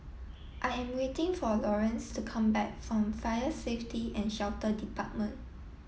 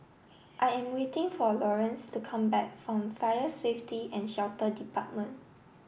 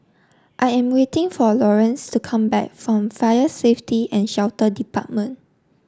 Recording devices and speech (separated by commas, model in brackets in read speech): mobile phone (iPhone 7), boundary microphone (BM630), standing microphone (AKG C214), read sentence